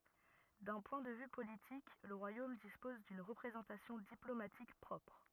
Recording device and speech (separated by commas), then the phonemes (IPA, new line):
rigid in-ear microphone, read sentence
dœ̃ pwɛ̃ də vy politik lə ʁwajom dispɔz dyn ʁəpʁezɑ̃tasjɔ̃ diplomatik pʁɔpʁ